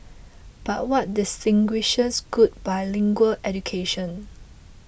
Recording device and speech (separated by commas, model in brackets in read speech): boundary microphone (BM630), read sentence